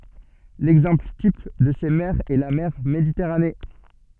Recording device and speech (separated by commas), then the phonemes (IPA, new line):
soft in-ear microphone, read sentence
lɛɡzɑ̃pl tip də se mɛʁz ɛ la mɛʁ meditɛʁane